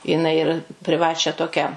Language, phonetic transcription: Lithuanian, jiˈnai ir priˈvačią ˈtokią

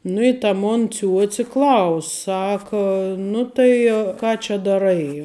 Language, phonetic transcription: Lithuanian, ˈnu i ta ˈmon ˈciuoci ˈklaus' ˈsaka nu tai ˈką čia daˈrai

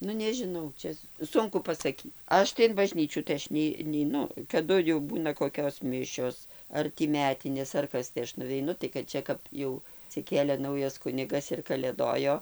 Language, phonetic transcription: Lithuanian, ˈnu nežiˈnau ˈčia ˈsunku pasaˈky ˈaš tai in baˈžnyčių tai ˈaš nei neiˈnu kaˈdu jau ˈbūna koˈkios ˈmišios ˈar tį ˈmetinės ar ˈkas tai ˈaš nuveiˈnu tai kad ˈčia kap ˈjau atsiˈkėlė ˈnaujas ˈkunigas ir kaˈlėdojo

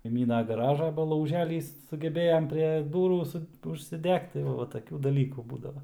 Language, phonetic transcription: Lithuanian, kaiˈmyna gaˈražą ˈba lauˈželys sugeˈbėjam prie ˈdūrų ˈsu užsiˈdegt tai ˈva va taˈkių daˈlykų ˈbūdava

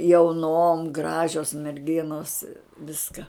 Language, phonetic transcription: Lithuanian, jauˈnom ˈgražios merˈginos ˈviska

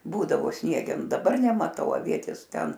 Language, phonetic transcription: Lithuanian, ˈbūdavo ˈsniegenu daˈbar nemaˈtau aˈvietės ˈten

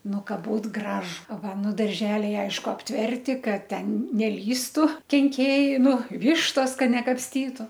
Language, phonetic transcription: Lithuanian, ˈnu ˈka ˈbūt ˈgražu ˈva ˈnu darˈželiai ˈaišku apˈtverti ˈkad ˈten neˈlįstu kenˈkėjai ˈnu ˈvištos ˈka nekapsˈtytu

